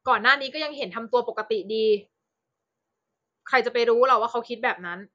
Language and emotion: Thai, frustrated